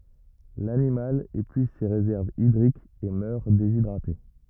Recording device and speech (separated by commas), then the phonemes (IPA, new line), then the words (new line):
rigid in-ear microphone, read sentence
lanimal epyiz se ʁezɛʁvz idʁikz e mœʁ dezidʁate
L'animal épuise ses réserves hydriques et meurt déshydraté.